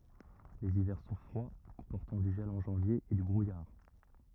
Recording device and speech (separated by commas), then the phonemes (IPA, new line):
rigid in-ear microphone, read sentence
lez ivɛʁ sɔ̃ fʁwa kɔ̃pɔʁtɑ̃ dy ʒɛl ɑ̃ ʒɑ̃vje e dy bʁujaʁ